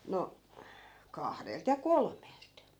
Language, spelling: Finnish, no kahdelta ja kolmelta
- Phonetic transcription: no , 'kahdelt ja "kolm̀elt .

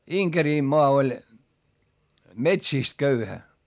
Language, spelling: Finnish, Inkerinmaa oli metsistä köyhä
- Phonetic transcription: Iŋkerìmmoa oĺ , metsìst köyhä .

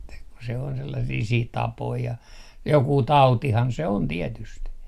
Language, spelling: Finnish, että kun se on sellaisia sitten tapoja ja joku tautihan se on tietysti
- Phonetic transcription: että ku se on sellasii siit 'tapoi ja , jokuu "tautihan se on 'tietyst .

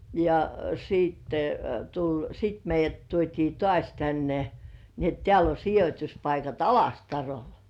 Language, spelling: Finnish, ja sitten tuli sitten meidät tuotiin taas tänne niin että täällä on sijoituspaikat Alastarolla
- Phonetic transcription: ja sìtte , tuĺ , 'sit meij̆jät 'tuot́ii "tŏàś tänne , ni ‿et 'teäl ‿o 'sijot́uspaikat "Alastarol .

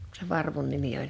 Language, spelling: Finnish, - sen varvun nimi oli
- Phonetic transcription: -k sev̆ 'varvun 'nimi oĺ .

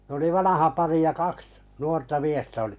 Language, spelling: Finnish, ne oli vanha pari ja kaksi nuorta miestä oli
- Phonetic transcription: n ‿oli 'vanaha 'pari ja 'kaks 'nuorta 'miestä olɪ .

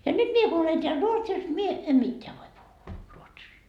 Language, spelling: Finnish, ja nyt minä kun olen täällä Ruotsissa minä en mitään voi puhua ruotsia
- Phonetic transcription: ja 'nyt "mie ku olen teäl "Ruotsis , mie , em "mitteä voi puhhuu , 'ruotsii .

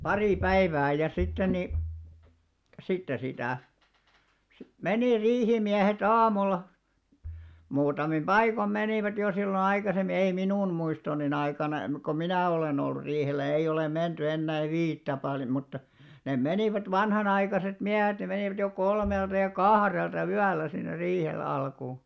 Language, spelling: Finnish, pari päivää ja sitten niin sitten sitä - meni riihimiehet aamulla muutamin paikoin menivät jo silloin aikaisemmin ei minun muistoni aikana - kun minä olen ollut riihellä ei ole menty ennen viittä paljon mutta ne menivät vanhanaikaiset miehet ne menivät jo kolmelta ja kahdelta yöllä sinne riihelle alkuun
- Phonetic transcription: 'parì 'päivää ja sitten ni , 'sitte sitä̀ , si- "menì 'riihimiähe't ‿aamulla , 'muutamin "ʙaikom 'menìvät jo sillo 'aikasemmi ei "minun 'muistoni'n ‿aikana , mⁱ- ko "minä̀ 'olen ‿ollᵘ riihellä 'ei olem̆§ 'menty 'ennä̀ⁱv "viittä paljᵒ mutta , nem̆ 'menìvät 'vanhanaikaset "miähet ne 'menìvät jo 'kolmelta ja "kahrelta 'ʷyällä sinner̆ 'riihelᵉ alkuu .

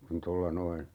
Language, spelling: Finnish, kun tuolla noin
- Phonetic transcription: kun "tolla 'noin ,.

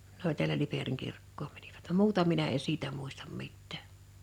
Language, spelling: Finnish, ne oli täällä Liperin kirkkoon menivät vaan muuta minä en siitä muista mitään
- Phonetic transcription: n ‿oĺ tiälä 'Liperiŋ 'kirkkoom mäɴɪVᴀ̈t (vam) "muuta minä e 'siitä mùistam 'mittä̀ .

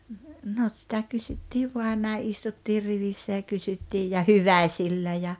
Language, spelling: Finnish, no sitä kysyttiin vain näin istuttiin rivissä ja kysyttiin ja hyväisillä ja
- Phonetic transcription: 'no sitä 'kysyttiiv 'voan näi '’istuttir 'rivissä ja 'kysyttiij ja "hyväⁱsillä ja ,.

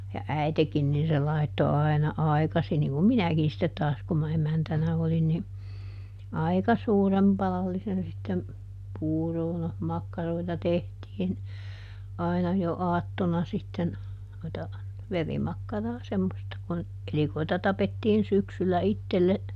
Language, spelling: Finnish, ja äitikin niin se laittoi aina aikaisin niin kuin minäkin sitten taas kun minä emäntänä olin niin aika suuren padallisen sitten puuroa no makkaroita tehtiin aina jo aattona sitten noita verimakkaraa semmoista kun elikoita tapettiin syksyllä itselle
- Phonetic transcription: ja "äitekin nin se ˈlaitto ai̮na ˈai̮kasin - niŋ kum "minäkin sittet ˈtaas kum ma ˈemäntänä olin - ni , "aika ˈsuurem ˈpalallisen sittem , "puuroo no , ˈmakkaroita ˈtehtiin , ˈai̮na jo "aattona sitten , noita , "verimakkaraa ˈsemmosta kun , ˈelikoita ˈtapettiin ˈsyksyllä "ittelle ,.

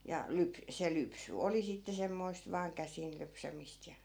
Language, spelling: Finnish, ja - se lypsy oli sitten semmoista vain käsin lypsämistä ja
- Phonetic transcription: ja 'lyp- , se 'lypsy "oli sitte 'semmoist vaaŋ 'käsin 'lypsämist ja .

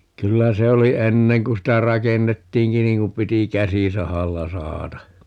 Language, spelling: Finnish, kyllä se oli ennen kun sitä rakennettiinkin niin kun piti käsisahalla sahata
- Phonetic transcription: 'kyllä 'se oli "enneŋ kun 'sitä "rakennettiiŋki 'niiŋ kum 'piti "käsisahalla 'sahata .

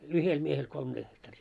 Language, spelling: Finnish, yhdellä miehellä kolme hehtaaria
- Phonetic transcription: 'yhel miehel 'kolm ɢehtarii .

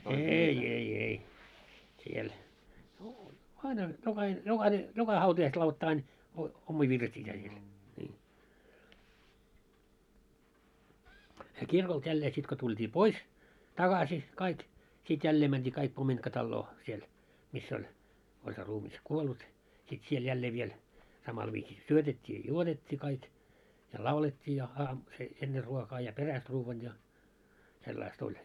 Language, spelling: Finnish, ei ei ei siellä no aina jokainen jokainen joka hautajaiset lauloivat aina - omia virsiä siellä niin se kirkolta jälleen sitten kun tultiin pois takaisin kaikki sitten jälleen mentiin kaikki pomintkataloon siellä missä oli oli se ruumis kuollut sitten siellä jälleen vielä samalla viisi syötettiin ja juotettiin kaikki ja laulettiin ja - se ennen ruokaa ja perästä ruoan ja sellaista oli
- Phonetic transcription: 'eei 'ei 'ei , siel , no aina , jokahin 'jokahine , 'joka 'hautajaiset lauloi't ‿ain , o- , 'ommii 'virsi₍ää siel , nii , se 'kirkolt 'jällee sit ko tult́ii "pois , 'taɢasi , kaik , sit "jällee mänᴅii kaik 'pomintkatalloo , siel , 'miss ‿oĺ , oĺ se ruumis 'kuollut , sit siel 'jällee viel , samal viisi "syötet́t́ii ja "juotet́t́ii kaik , ja "laulet́t́ii ja aam- , se 'enner 'ruokaa ja 'peräst 'ruuvvan ja , 'sellais't ‿oĺ .

